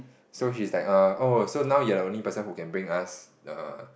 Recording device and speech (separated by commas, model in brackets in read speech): boundary microphone, conversation in the same room